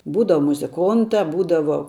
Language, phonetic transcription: Lithuanian, ˈbūdava muziˈkonta ˈbūdavo

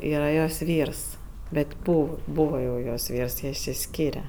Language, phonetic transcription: Lithuanian, ˈyra jos ˈvyrs ˈbet' ˈbū ˈbūva jau jos ˈvyrs ˈjie išsiˈskyre

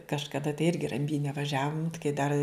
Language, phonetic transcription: Lithuanian, kažkaˈda tai ˈirgi ramˈbyne vaˈžiavum kai dar

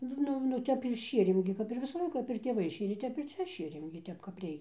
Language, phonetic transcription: Lithuanian, ˈnu nu ˈtep ir ˈšierėm gi kap ir ˈvisa ˈlaika kap ir tėˈvai ˈšėrė ˈtep ir ˈcia ˈšėrėm gi ˈtep kap ˈreikia

